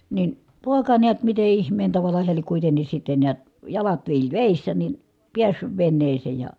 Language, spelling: Finnish, niin poika näet miten ihmeen tavalla hän lie kuitenkin sitten näet jalat viilsi vedessä niin päässyt veneeseen ja
- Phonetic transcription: nin , pòeka neät mite ihm̀een tavala heä liek kuitenis sitte niät , jalat viilt́ vèissä nin̬ , piässyv venneesee ja ,.

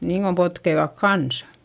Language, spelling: Finnish, niin kun potkivat kanssa
- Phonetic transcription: niiŋ Gom potkeivak kansA .

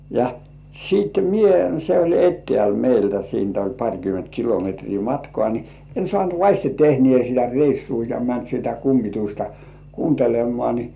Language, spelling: Finnish, ja sitten minä se oli etäällä meiltä siitä oli parikymmentä kilometriä matkaa niin en saanut vasten tehneen sitä reissua ja mennyt sitä kummitusta kuuntelemaan niin
- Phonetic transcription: ja sìt "mie se oĺ 'ettĕä̀l meiltä 'siint ‿oĺ 'paŕkyment kilometrii "matkŏà ni , en 'sŏànt "vaśte 'tehnĭ§è sitä "reissuu ja mänt sitä 'kummitusta "kuuntelemmŏà ni .

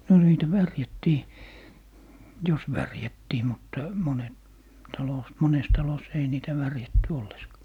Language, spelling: Finnish, no niitä värjättiin jos värjättiin mutta monet talossa monessa talossa ei niitä värjätty ollenkaan
- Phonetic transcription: no 'niitä "värjättii , "jos 'värjättii 'mutta , 'monet , 'talos , "mones 'talos ‿ei niitä 'värjätty 'olleska .

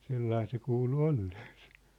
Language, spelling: Finnish, sellainen se kuului olleen se
- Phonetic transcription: 'sellain se kuulu 'olleen̬ sᴇ .

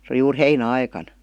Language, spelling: Finnish, se oli juuri heinäaikana
- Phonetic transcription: se oli juur "heinä'aikan .

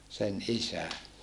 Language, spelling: Finnish, sen isä
- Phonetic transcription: sen ʼisä .

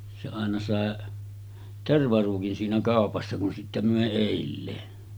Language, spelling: Finnish, se aina sai tervaruukin siinä kaupassa kun sitten myi edelleen
- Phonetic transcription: se àena sàe , 'tervaruukin siinä 'kàopassa kun sittä mö̀e 'èilleen .

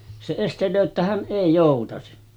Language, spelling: Finnish, se estelee että hän ei joutaisi
- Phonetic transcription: se estel̀öö ‿ttä » 'hän 'ˀèi jòutasi « .

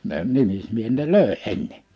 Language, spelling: Finnish, ne nimismiehet ne löi ennen
- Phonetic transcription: ne 'nimismiehet ne "lö̀e 'enne .

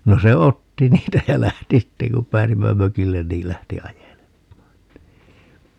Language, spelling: Finnish, no se otti niitä ja lähti sitten kun pääsimme mökille niin lähti ajelemaan niin
- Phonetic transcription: 'no se "otti 'niitä jä 'lähti 'sitteŋ kum 'p̀ääsimmä "mökillen niil 'lähti "ajelemmaan (ni) .

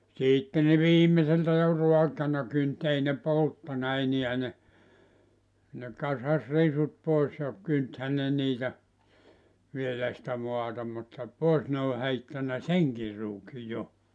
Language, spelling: Finnish, sitten ne viimeiseltä jo raakana kynsi ei ne polttanut enää ne ne kasasi risut pois ja kyntihän ne niitä vielä sitä maata mutta pois ne oli heittänyt senkin ruukin jo
- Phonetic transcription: 'siitte ne 'viim̀eseltä jo "ruakana kynt ei ne "polttana 'eniä ne , ne 'kasas 'risut 'pois ja , 'kynthä ne 'niitä , 'vielä̀ sⁱtä 'moata mutta , 'pòes ne ol 'heittänä "seŋkir 'ruuki 'jo .

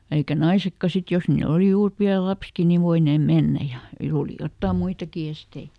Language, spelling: Finnish, eikä naisetkaan sitten jos niillä oli juuri pieni lapsikin niin voineet mennä ja oli jotakin muitakin esteitä
- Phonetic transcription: eikä ˈnaisekka sit ˈjos niiˈl ‿oli ˈjuur piäl̆ "lapski ni ˈvoineem ˈmennä ja , ˈooli ˈjottàm "muitaki ˈestei .

